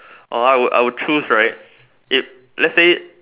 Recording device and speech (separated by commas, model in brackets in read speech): telephone, conversation in separate rooms